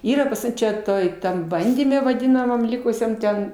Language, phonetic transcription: Lithuanian, ˈyra pas ˈmum čia ˈtoj ˈtam ˈbandyme vaˈdinamam ˈlikusiam ˈten

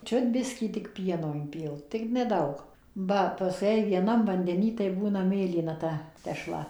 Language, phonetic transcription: Lithuanian, ˈčiut ˈbiskį tik ˈpieno inˈpilt tik ˈnedaug ˈba paˈskui jei vieˈnam vandeˈny tai ˈbūna ˈmėlyna ˈta teˈšla

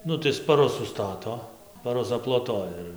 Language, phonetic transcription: Lithuanian, ˈnu tai spaˈrus suˈstato spaˈrus aploˈtoja ir

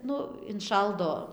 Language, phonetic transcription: Lithuanian, ˈnu inˈšaldo

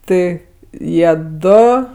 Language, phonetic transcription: Lithuanian, ˈtɜ ˈjie ˈdo

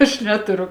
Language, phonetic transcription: Lithuanian, aš ˈneturu

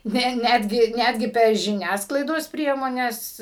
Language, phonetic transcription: Lithuanian, ˈne ˈnetgi ˈnetgi per žiˈniasklaidos ˈpriemones

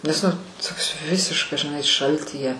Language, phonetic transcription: Lithuanian, nes nu ˈtoks ˈvisiškas žiˈnai ˈšaltyje

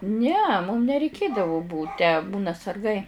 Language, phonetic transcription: Lithuanian, ne mum nereiˈkėdavo ˈbūt tę ˈbūna sarˈgai

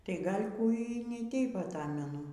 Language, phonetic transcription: Lithuanian, tai ˈgal'ˈ kų y ni ˈteip aˈtamenu

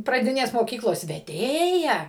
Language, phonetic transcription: Lithuanian, praˈdinės moˈkyklos veˈdėja

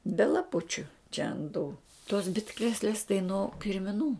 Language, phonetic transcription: Lithuanian, be laˈpučiu čia ant tų tos ˈbitkrėslės tai no kirmiˈnų

